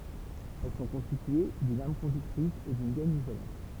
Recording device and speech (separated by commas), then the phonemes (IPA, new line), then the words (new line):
temple vibration pickup, read sentence
ɛl sɔ̃ kɔ̃stitye dyn am kɔ̃dyktʁis e dyn ɡɛn izolɑ̃t
Elles sont constituées d'une âme conductrice et d'une gaine isolante.